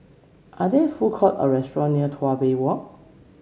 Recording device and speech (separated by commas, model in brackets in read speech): mobile phone (Samsung C7), read sentence